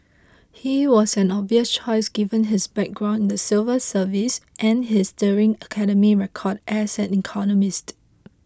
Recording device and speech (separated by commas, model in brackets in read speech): close-talking microphone (WH20), read sentence